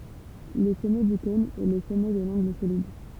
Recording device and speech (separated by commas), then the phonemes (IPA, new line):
temple vibration pickup, read sentence
lə sɔmɛ dy kɔ̃n ɛ lə sɔmɛ də lɑ̃ɡl solid